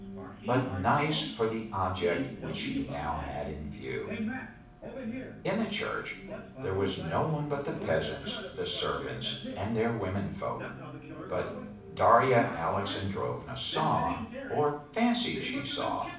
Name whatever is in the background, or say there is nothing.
A television.